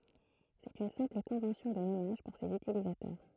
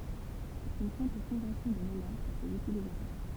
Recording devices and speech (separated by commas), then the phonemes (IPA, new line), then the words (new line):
throat microphone, temple vibration pickup, read sentence
sɛt yn sɛ̃pl kɔ̃vɑ̃sjɔ̃ də nɔmaʒ puʁ sez ytilizatœʁ
C'est une simple convention de nommage pour ses utilisateurs.